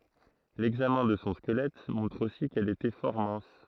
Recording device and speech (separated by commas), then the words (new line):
throat microphone, read sentence
L'examen de son squelette montre aussi qu'elle était fort mince.